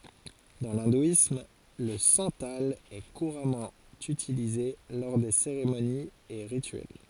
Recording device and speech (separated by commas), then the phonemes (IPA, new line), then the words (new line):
forehead accelerometer, read sentence
dɑ̃ lɛ̃dwism lə sɑ̃tal ɛ kuʁamɑ̃ ytilize lɔʁ de seʁemoniz e ʁityɛl
Dans l’hindouisme, le santal est couramment utilisé lors des cérémonies et rituels.